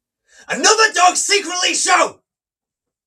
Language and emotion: English, angry